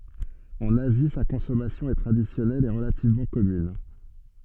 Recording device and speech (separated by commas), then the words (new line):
soft in-ear microphone, read sentence
En Asie, sa consommation est traditionnelle et relativement commune.